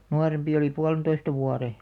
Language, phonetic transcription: Finnish, 'nuarempi oli "pualᵉntoista 'vuare .
- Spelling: nuorempi oli puolentoista vuotta

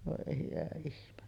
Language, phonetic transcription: Finnish, vòe hyvä ihme .
- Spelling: voi hyvä ihme

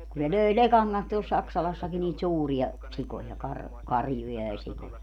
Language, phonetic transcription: Finnish, kun ne 'löi "lekaŋ kans tuol 'Saksalassaki niit 'suuri₍a , 'sikoja kar- , "karjuja ja sikoja .
- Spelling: kun ne löi lekan kanssa tuolla Saksalassakin niitä suuria sikoja - karjuja ja sikoja

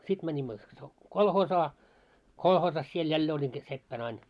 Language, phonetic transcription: Finnish, 'sit mäńimmö , so- , "kolhoosaa , 'kolhoosas siel 'jällee oĺin sit 'seppän ‿ain .
- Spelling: sitten menimme - kolhoosiin kolhoosissa siellä jälleen olin sitten seppänä aina

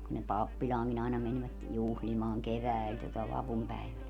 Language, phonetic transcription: Finnish, kun ne 'pappiĺaaŋkin ‿aina menvät , 'juhlimaaŋ "keväi̮l tuota 'vapumpäivänä .
- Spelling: kun ne pappilaankin aina menivät juhlimaan keväällä tuota vapunpäivänä

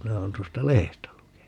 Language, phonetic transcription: Finnish, 'minä oon 'tuosta "lehestä 'lukenu .
- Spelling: minä olen tuosta lehdestä lukenut

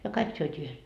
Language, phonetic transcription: Finnish, ja "kaik syöt́ii 'yhes .
- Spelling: ja kaikki syötiin yhdessä

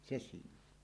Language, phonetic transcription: Finnish, se 'siinn ‿on .
- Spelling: se siinä on

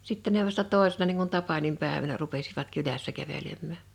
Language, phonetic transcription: Finnish, 'sitte ne vasta 'tòesena niiŋ kun 'tapanimpä̀evänä rupesivat 'kylässä 'kävelemmä̀ .
- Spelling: sitten ne vasta toisena niin kuin tapaninpäivänä rupesivat kylässä kävelemään

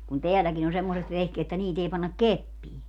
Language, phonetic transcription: Finnish, kun 'teäläkin ‿o 'semmoset 'vehkeet [et]tä 'niit ‿ei 'pannak "keppii .
- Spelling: kun tälläkin on semmoiset vehkeet että niitä ei panna keppiin

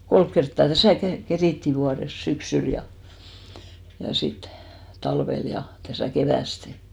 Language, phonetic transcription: Finnish, 'kolk kerttà 'täsä̀ , ke- 'kerìtti 'vuares , 'syksyl ja , ja 'sit , 'talvel ja , täsä̀ 'kevä̀ste .
- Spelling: kolme kertaa tässä - kerittiin vuodessa syksyllä ja ja sitten talvella ja tässä keväästi

